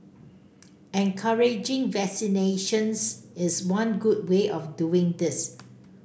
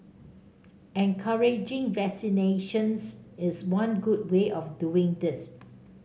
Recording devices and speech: boundary microphone (BM630), mobile phone (Samsung C5), read sentence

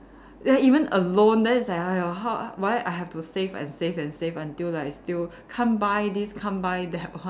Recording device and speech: standing microphone, conversation in separate rooms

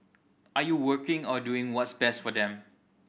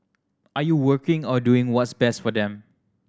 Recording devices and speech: boundary microphone (BM630), standing microphone (AKG C214), read sentence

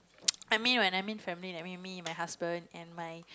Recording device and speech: close-talking microphone, conversation in the same room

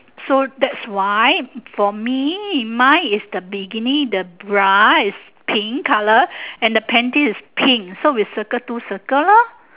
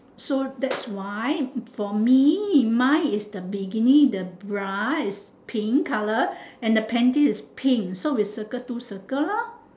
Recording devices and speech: telephone, standing microphone, conversation in separate rooms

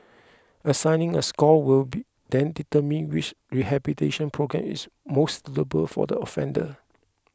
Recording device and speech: close-talking microphone (WH20), read sentence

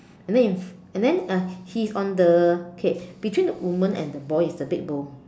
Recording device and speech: standing microphone, conversation in separate rooms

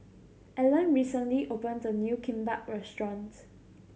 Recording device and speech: mobile phone (Samsung C7100), read sentence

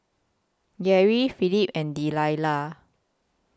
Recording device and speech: close-talking microphone (WH20), read sentence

